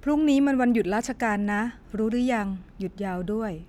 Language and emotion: Thai, neutral